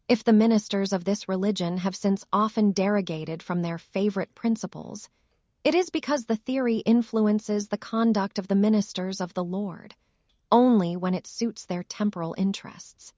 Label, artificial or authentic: artificial